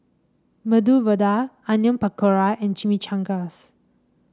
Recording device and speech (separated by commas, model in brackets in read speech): standing microphone (AKG C214), read sentence